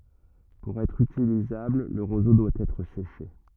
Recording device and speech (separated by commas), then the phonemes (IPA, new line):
rigid in-ear microphone, read sentence
puʁ ɛtʁ ytilizabl lə ʁozo dwa ɛtʁ seʃe